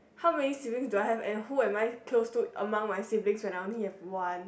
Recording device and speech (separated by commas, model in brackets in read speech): boundary microphone, conversation in the same room